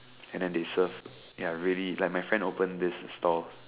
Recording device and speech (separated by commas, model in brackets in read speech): telephone, conversation in separate rooms